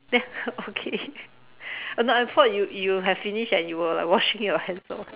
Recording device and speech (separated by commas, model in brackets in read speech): telephone, conversation in separate rooms